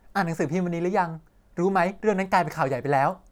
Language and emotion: Thai, neutral